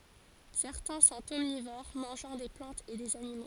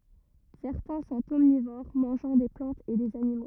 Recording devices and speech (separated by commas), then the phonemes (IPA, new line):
forehead accelerometer, rigid in-ear microphone, read sentence
sɛʁtɛ̃ sɔ̃t ɔmnivoʁ mɑ̃ʒɑ̃ de plɑ̃tz e dez animo